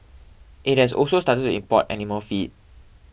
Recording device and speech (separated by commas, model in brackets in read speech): boundary microphone (BM630), read sentence